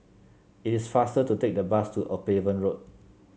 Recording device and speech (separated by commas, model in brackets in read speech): mobile phone (Samsung C7), read sentence